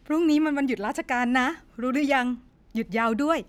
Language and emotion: Thai, happy